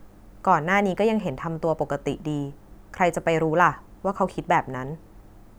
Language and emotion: Thai, neutral